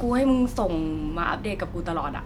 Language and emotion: Thai, neutral